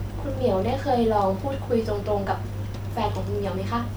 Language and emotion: Thai, neutral